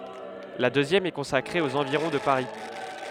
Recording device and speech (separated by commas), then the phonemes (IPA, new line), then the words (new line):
headset microphone, read sentence
la døzjɛm ɛ kɔ̃sakʁe oz ɑ̃viʁɔ̃ də paʁi
La deuxième est consacrée aux environs de Paris.